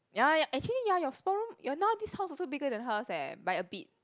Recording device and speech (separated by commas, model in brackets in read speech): close-talking microphone, conversation in the same room